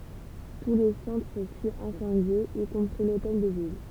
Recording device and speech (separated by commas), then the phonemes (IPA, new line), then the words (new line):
temple vibration pickup, read sentence
tu lə sɑ̃tʁ fy ɛ̃sɑ̃dje i kɔ̃pʁi lotɛl də vil
Tout le centre fut incendié y compris l’hôtel de Ville.